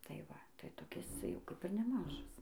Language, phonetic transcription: Lithuanian, tai ˈva tai toˈkis ˈcia jau ˈkap ir neˈmažas

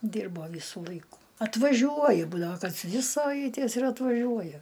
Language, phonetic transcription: Lithuanian, ˈdyrbo ˈvysu ˈlaiku atvaˈžiuoja ˈbūdavo kas ˈdvi saˈvaitės ir atvaˈžiuoja

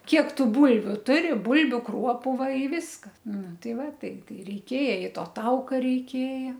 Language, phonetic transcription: Lithuanian, ˈkiek ˈtų ˈbūlviu ˈturi ˈbūlbiu ˈkruopu ˈva i viskas ˈnu ˈtai ˈva ˈtai ˈtai reiˈkėja i ˈto ˈtauka reiˈkėja

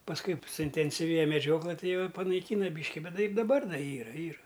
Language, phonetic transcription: Lithuanian, pasˈkui suintensiˈvėja meˈdžioklɘ ˈtai ˈjau i panaiˈkyna ˈbyški ˈbet ˈtai ir daˈbar ˈdar ˈyra ˈyra

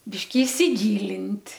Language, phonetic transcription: Lithuanian, ˈbiški isiˈgylint'

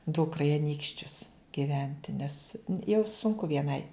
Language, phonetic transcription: Lithuanian, ˈdukra i aˈnykščius giˈventi nes jau sunˈku vieˈnai

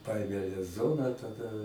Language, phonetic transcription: Lithuanian, ˈpaėmė lez ˈzoną taˈda

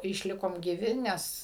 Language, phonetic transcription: Lithuanian, išˈlikom gyˈvi ˈnes

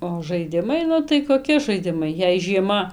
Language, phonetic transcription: Lithuanian, o žaiˈdimai ˈnu tai koˈki žaiˈdimai jei žieˈma

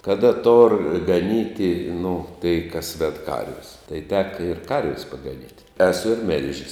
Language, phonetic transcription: Lithuanian, kaˈda tor gaˈnyti nu tai kas ved ˈkarvis tai ˈteka ir ˈkarvis pagaˈnyt' eˈsu ir ˈmil'žis

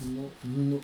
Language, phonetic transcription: Lithuanian, ˈnu ˈnu

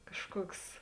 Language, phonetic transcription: Lithuanian, ˈkažˌkuoks

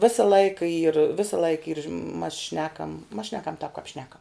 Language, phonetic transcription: Lithuanian, ˈvėsa ˈlaika yr ˈvėsa ˈlaika yr mas ˈšnekam mas ˈšnekam tāp kap ˈšnekam

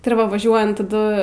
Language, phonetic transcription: Lithuanian, ti ir ˈva vaˈžiuojant taˈdu

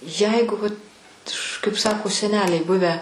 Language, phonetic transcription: Lithuanian, ˈjeigu vat kaip ˈsako seˈneliai ˈbuvę

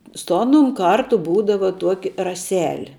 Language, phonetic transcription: Lithuanian, su ˈanum ˈkartu ˈbūdava ˈtuoki raˈseli

